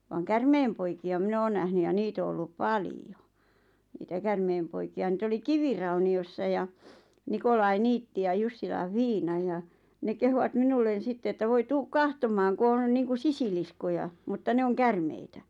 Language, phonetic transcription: Finnish, vaaŋ "kärmeempoiki₍a 'minᵃ̈ oon nähny ja 'niit ‿o ollup "palijo , niitä 'kärmeempoiki₍a niit ‿oli 'kivirauni₍ossa ja , 'Nikolai 'niitti ja 'Jussilaʿʰʾ 'Fiina ja , ne 'kehuvat "minullen̬ 'sitte että » 'voi "tuuk "kahtom̆maaŋ ku on niiŋku 'sisiliskoja , mutta 'ne oŋ "kärmeitä « .
- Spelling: vaan käärmeenpoikia minä olen nähnyt ja niitä on ollut paljon niitä käärmeenpoikia niitä oli kivirauniossa ja Nikolai niitti ja Jussilan Fiina ja ne kehuivat minulle sitten että voi tule katsomaan kun on niin kuin sisiliskoja mutta ne on käärmeitä

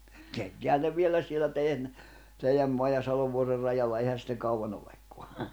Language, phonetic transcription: Finnish, keittḙähän ne 'viellä sielä tei₍än , 'teijäm moaj ja 'Salov̀uorer rajalla eihä sitteŋ 'kauʷanⁿ ‿olekko̭a .
- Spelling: keittäähän ne vielä siellä teidän teidän maan ja Salovuoren rajalla eihän sitten kauan olekaan

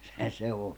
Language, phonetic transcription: Finnish, se se o .
- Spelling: se se on

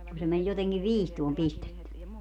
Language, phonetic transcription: Finnish, ku se men 'joteŋkiv "viistuom 'pistetty .
- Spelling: kun se meni jotenkin viistoon pistetty

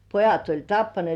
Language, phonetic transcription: Finnish, pojat oĺ 'tappanĭèt .
- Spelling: pojat oli tappaneet

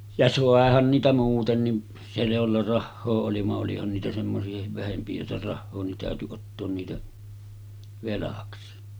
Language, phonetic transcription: Finnish, ja 'sàehan niitä 'muutenni , 'se jolla 'rahhoo oli va’ ’olihan niitä 'semmosi₍ahiv vähempi jolla 'rahhoo nin tä̀öty ottoon niitä , 'velaksi .
- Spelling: ja saihan niitä muutenkin se jolla rahaa oli vaan olihan niitä semmoisiakin vähempi jolla rahaa niin täytyi ottaa niitä velaksi

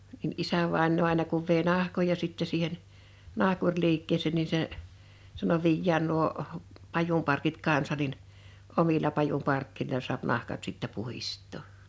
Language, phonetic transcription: Finnish, (n)in '’isävàennoo àena kuv vèi 'nahkoja sittɛ siihen , 'nahkuŕliikkeesèn ni 'se , sano » 'viijjään nuo , 'pajumparkit 'kansa nin , 'omila 'pajumparkki(loi)la suap 'nahkat sittɛ 'puhist̆tò « .
- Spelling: niin isävainaa aina kun vei nahkoja sitten siihen nahkuriliikkeeseen niin se sanoi viedään nuo pajunparkit kanssa niin omilla pajunparkeilla saa nahkat sitten puhdistaa

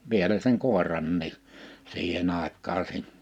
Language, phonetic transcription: Finnish, 'vielä seŋ 'kòeranni’ , 'siihen ‿àekkaa sin .
- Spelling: vielä sen koirankin siihen aikaan niin

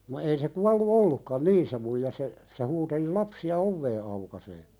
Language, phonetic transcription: Finnish, no ei se 'kuallu "ollukkan "nii se muija se , se huuteli 'lapsi₍a "ovvee aukasee .
- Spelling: no ei se kuollut ollutkaan niin se muija se se huuteli lapsia ovea aukaisemaan

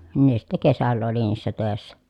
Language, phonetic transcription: Finnish, nin ne sitᵗᵃ̈ kesällä oli niissä tö̀essä .
- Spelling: niin ne sitten kesällä oli niissä töissä

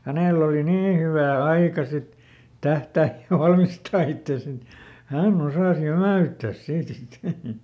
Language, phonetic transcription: Finnish, ˈhänèl ‿oli "nii hyvä̀ "aika sit , ˈtähtääj ja ˈvalmistaa ittès ‿et , "hän"n ‿osàs "jämä̀₍yttäs ˈsiitᵃ̈ ˈsit .
- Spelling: hänellä oli niin hyvä aika sitten tähdätä ja valmistaa itsensä että hän osasi jämäyttää siitä sitten

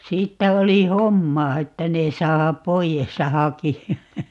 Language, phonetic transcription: Finnish, 'siittä 'oli "hommaa 'että ne 'saa , "poijes ja "haki₍a .
- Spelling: siitä oli hommaa että ne saa pois ja hakea

